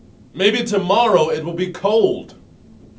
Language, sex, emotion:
English, male, disgusted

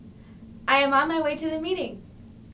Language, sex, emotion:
English, female, happy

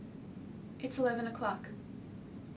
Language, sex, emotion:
English, female, neutral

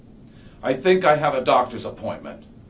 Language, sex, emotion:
English, male, disgusted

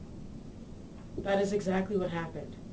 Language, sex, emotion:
English, female, neutral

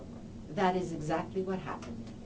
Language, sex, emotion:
English, female, neutral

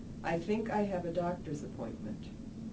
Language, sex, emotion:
English, female, neutral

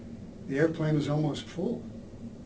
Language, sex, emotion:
English, male, neutral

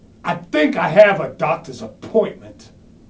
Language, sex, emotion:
English, male, disgusted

